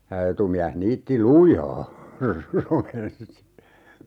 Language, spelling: Finnish, ja etumies niitti lujaa romensi
- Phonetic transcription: (ja) 'etumiäh 'niitti "lujaa , romensi .

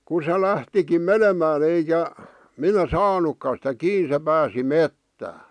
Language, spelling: Finnish, kun se lähtikin menemään eikä minä saanutkaan sitä kiinni se pääsi metsään
- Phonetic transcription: ku se 'lähtikim "menemää'n ‿eikä , 'minä "saanukka sⁱtä 'kii se 'pääsi "mettää .

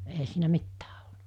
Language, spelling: Finnish, eihän siinä mitään ollut
- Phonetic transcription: eɦä siinä 'mittää ᴏʟ[lut] .

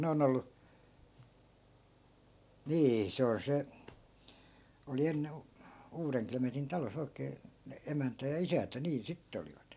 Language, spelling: Finnish, ne on ollut niin se on se oli - Uudenklemetin talossa oikein ne emäntä ja isäntä niin sitten olivat
- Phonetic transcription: 'ne 'on ‿ollu , 'nii 'se on 'se , oli 'enne- , 'uureŋklemetin 'talo's ‿oi̮kee , ne 'emäntä ja "isäntä niin 'sittᵉ olivat .

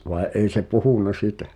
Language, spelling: Finnish, vaan ei se puhunut sitä
- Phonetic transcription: vàe '’ei se "puhùnna "sitä !

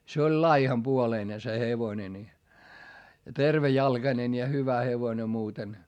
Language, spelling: Finnish, se oli laihanpuoleinen se hevonen niin ja tervejalkainen ja hyvä hevonen muuten
- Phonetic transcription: se oĺ laihampuoleine se hevone ni , (ja) tervejalGanen ja hyvä hevone muuten .

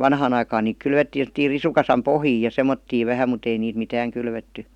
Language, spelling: Finnish, vanhaan aikaan niitä kylvettiin semmoisiin risukasan pohjiin ja semmoisiin vähän mutta ei niitä mitään kylvetty
- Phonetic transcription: vanhaan ‿aikaan niik 'kylvettiin̬ sem°ttiir 'risukasam "pohjii ja "sem̆mottiiv 'vähäm mut ‿ei niit 'mitääŋ , 'kylvetty .

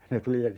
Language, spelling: Finnish, ne tuli ja
- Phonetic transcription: ne 'tuli ja ,.

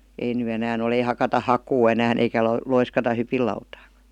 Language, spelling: Finnish, ei nyt enää ole ei hakata hakua enää eikä - loiskata hypinlautaakaan
- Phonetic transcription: ei ny 'enään ‿ol ‿ei hakata "hakuu 'enään ‿eikä lo- 'loiskata "hypillautaakA .

